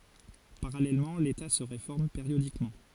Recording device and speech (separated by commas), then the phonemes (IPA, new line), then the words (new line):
forehead accelerometer, read sentence
paʁalɛlmɑ̃ leta sə ʁefɔʁm peʁjodikmɑ̃
Parallèlement l'État se réforme périodiquement.